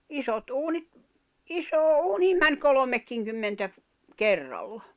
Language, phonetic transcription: Finnish, isot 'uunit , "isoo "’uuniim mäń "kolomekkiŋkymmentä , 'kerralla .
- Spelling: isot uunit isoon uuniin meni kolmekinkymmentä kerralla

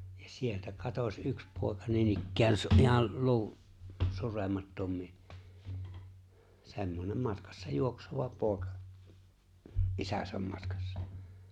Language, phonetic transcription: Finnish, ᴊᴀ 'sieltä 'katoś '’yks pòeka niinikkään se ‿o’ ’ihal 'lu̬u’- , 'suremattom̀ii , se̬mmonem 'matkassa 'juoksova 'pooᵉka , "’isäsäm 'matkassᴀ .
- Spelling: ja sieltä katosi yksi poika niinikään se oli ihan - suremattomiin semmoinen matkassa juokseva poika isänsä matkassa

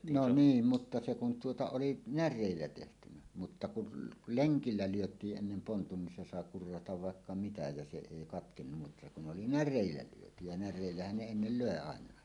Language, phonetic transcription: Finnish, no 'niim 'mutta se kun tuota "oli "när̆rèillä 'tehtynä , mutta kun , "leŋkillä lyöt̀iiˀ ˀennem 'pontun nin se sàe 'kurratav "vàekka 'mitä ja se 'èi katkennum mutta kun oli "när̆rèillä lyöty ja "när̆rèillähän ne ennel "lö̀e 'àeǹàe .
- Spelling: no niin mutta se kun tuota oli näreillä tehty mutta kun lenkillä lyötiin ennen pontut niin se sai kurrata vaikka mitä ja se ei katkennut mutta kun oli näreillä lyöty ja näreillähän ne ennen löi aina

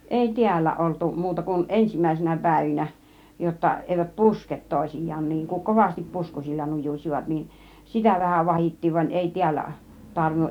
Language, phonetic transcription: Finnish, 'èi "tiällä oltuˀ , 'muuta kun "ˀensimäisinä 'pä̀ivinä , jotta 'èivät "pusket 'tòisij̆jaan niŋ kuŋ "kovastip "puskusilla 'nujuśivat nin , "sitä vähä "vahit̀tiiv van 'èi "tiällä , 'tarvinnuˀ .
- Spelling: ei täällä oltu muuta kuin ensimmäisinä päivinä jotta eivät puske toisiaan niin kun kovasti puskusilla nujusivat niin sitä vähän vahdittiin vaan ei täällä tarvinnut

